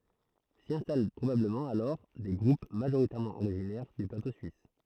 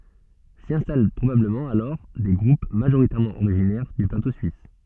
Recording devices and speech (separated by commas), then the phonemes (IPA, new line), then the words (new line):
throat microphone, soft in-ear microphone, read sentence
si ɛ̃stal pʁobabləmɑ̃ alɔʁ de ɡʁup maʒoʁitɛʁmɑ̃ oʁiʒinɛʁ dy plato syis
S'y installent probablement alors des groupes majoritairement originaires du plateau suisse.